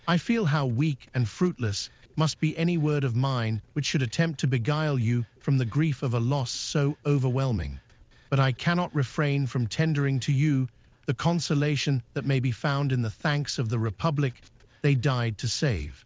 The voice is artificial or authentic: artificial